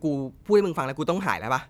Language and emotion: Thai, frustrated